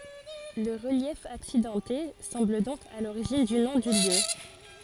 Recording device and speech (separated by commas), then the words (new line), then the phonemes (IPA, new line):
forehead accelerometer, read sentence
Le relief accidenté semble donc à l'origine du nom du lieu.
lə ʁəljɛf aksidɑ̃te sɑ̃bl dɔ̃k a loʁiʒin dy nɔ̃ dy ljø